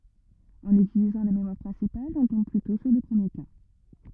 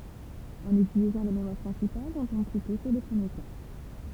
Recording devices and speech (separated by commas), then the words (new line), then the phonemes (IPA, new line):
rigid in-ear microphone, temple vibration pickup, read sentence
En utilisant la mémoire principale, on tombe plutôt sur le premier cas.
ɑ̃n ytilizɑ̃ la memwaʁ pʁɛ̃sipal ɔ̃ tɔ̃b plytɔ̃ syʁ lə pʁəmje ka